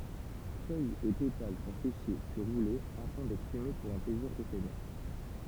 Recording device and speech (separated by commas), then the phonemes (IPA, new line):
temple vibration pickup, read sentence
fœjz e petal sɔ̃ seʃe pyi ʁule afɛ̃ dɛtʁ fyme puʁ œ̃ plɛziʁ efemɛʁ